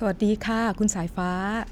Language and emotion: Thai, neutral